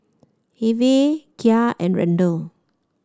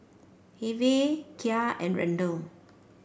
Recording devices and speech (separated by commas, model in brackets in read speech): standing microphone (AKG C214), boundary microphone (BM630), read sentence